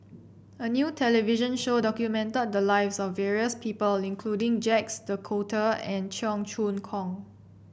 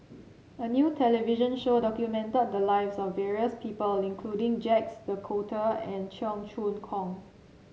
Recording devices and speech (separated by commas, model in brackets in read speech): boundary microphone (BM630), mobile phone (Samsung C7), read sentence